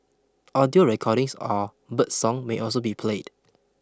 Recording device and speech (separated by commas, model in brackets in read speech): close-talking microphone (WH20), read sentence